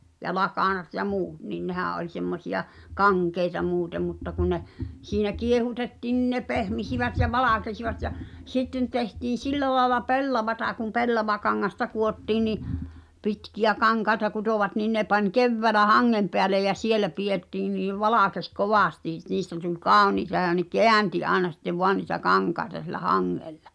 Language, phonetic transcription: Finnish, ja "lakànat ja "muut nin 'nehä̀ ’oĺ semmosiʲa , "kaŋkeita 'muutem mutta kun ne , siinä 'kiehutetti̳n nin ne "pehmisivät ja "valàkesivat ja , "sitten tehtiin̬ "sillä laela "pellavata kum 'pellavakaŋŋasta kuottiin̆ ni’ , 'pitkiʲä 'kaŋkaeta kutòvat niin ne pań kevväälä haŋŋem peälej̆ ja "sielä 'piʲettii niiv̆ "valàkes "kovàsti , niistä tul "kàoniita ja ne "keänti 'aena sittev voan ni̳tä "kaŋkaĕta siᵉlä "haŋŋeʟʟᴀ .
- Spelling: ja lakanat ja muut niin nehän oli semmoisia kankeita muuten mutta kun ne siinä kiehutettiin niin ne pehmisivät ja valkenivat ja sitten tehtiin sillä lailla pellavaa kun pellavakangasta kudottiin niin pitkiä kankaita kutoivat niin ne pani keväällä hangen päälle ja siellä pidettiin niin valkeni kovasti niistä tuli kauniita ja ne käänsi aina sitten vain niitä kankaita sillä hangella

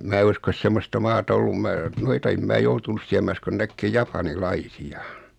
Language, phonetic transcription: Finnish, 'mää uskos 'semmosta 'maata ollum 'mää , noita em 'mää joutunus 'siä mä uskon 'näkkee "japani"laisi₍a .
- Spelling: minä usko semmoista maata ollut minä noita en minä joutunut siellä minä uskon näkemään japanilaisia

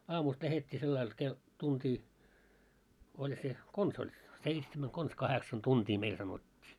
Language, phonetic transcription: Finnish, 'aamust 'lähet́t́ii sellail ke- , 'tuntii , oĺ se , 'kons ‿oĺ , 'seitsemän , kons 'kaheksan "tuntii 'meil sanot́t́ii .
- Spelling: aamusta lähdettiin sillä lailla - tuntia oli se konsa oli seitsemän konsa kahdeksan tuntia meille sanottiin

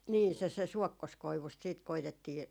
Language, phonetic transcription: Finnish, 'nii , se se "suɔkkoskoivust siit 'koitettii ,.
- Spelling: niin se se suokkoskoivusta sitten koetettiin

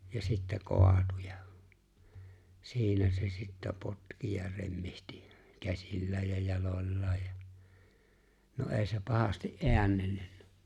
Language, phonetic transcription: Finnish, ja sittä 'koatu ja , 'siinä se sittä 'potki ja 'remmihtɪ , 'käsillääj ja 'jaloĺlaa ja , no "’è̬i̬ se 'pahasti’ "’eännellʏɴɴᴀ̈ .
- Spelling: ja sitten kaatui ja siinä se sitten potki ja remmitsi käsillään ja jaloillaan ja no ei se pahasti äännellyt

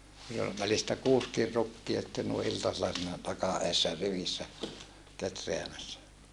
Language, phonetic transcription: Finnish, niil ol välistä kuuskir rukkia sⁱtten nui ʼiltasella siinä taka ʼeessä rivissä , ketreämässä .
- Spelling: niin oli välistä kuusikin rukkia sitten noin iltasella siinä takan edessä rivissä kehräämässä

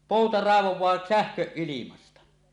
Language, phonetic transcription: Finnish, 'pòuta ràevoẁaa "sähköˀ 'ˀilimasta .
- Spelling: pouta raivaa sähköä ilmasta

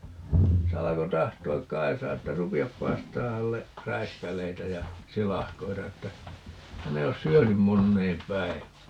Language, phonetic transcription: Finnish, se 'alako 'tahto₍ak "Kaisaa että » "rupi₍ap 'paistaa hälle , "räiskäl̀eitä ja , "silahkoita » että , » 'hän ‿ei os "syönym 'monneem "päivää » .
- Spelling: se alkoi tahtoa Kaisaa että rupea paistamaan hänelle räiskäleitä ja silakoita että hän ei ole syönyt moneen päivään

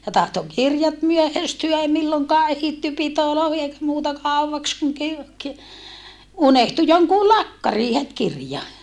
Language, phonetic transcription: Finnish, ja tahto kirjat myöhästyä ei milloŋkaa ehitty pitoloohi eikä muuta kàuwvaks kuŋ kir - ki- , unehtu joŋkuu lakkarii het kirja .
- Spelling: ja tahtoi kirjat myöhästyä ei milloinkaan ehditty pitoihin eikä muuta kauaksi kun - - unohtui jonkun lakkariin heti kirja

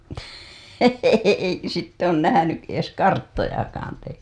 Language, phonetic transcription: Finnish, eikö sitt ‿oon nähänyˀ ˀies "karttojakaan te .
- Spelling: eikö sitten ole nähnyt edes karttojakaan te

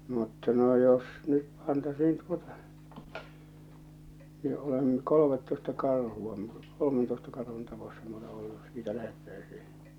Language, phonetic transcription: Finnish, mutta no jos nyt pantasiin tuotᴀ , ni olem̳ , 'kolomettoista 'karhu₍a m- , 'kolomentoista karhun tapossa m ‿olè 'ollu , (jos) 'siitä lähettäisii .
- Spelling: mutta no jos nyt pantaisiin tuota niin olen kolmetoista karhua - kolmentoista karhun tapossa minä olen ollut jos siitä lähdettäisiin

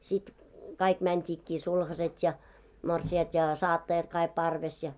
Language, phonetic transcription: Finnish, sit , 'kaik mänt́iikkii 'sulhaset ja , 'morsi₍at ja 'saattajat kaik parves ja .
- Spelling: sitten kaikki mentiinkin sulhaset ja morsiamet ja saattajat kaikki parvessa ja

